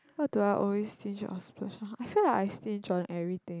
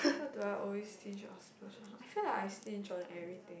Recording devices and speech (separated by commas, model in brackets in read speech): close-talking microphone, boundary microphone, conversation in the same room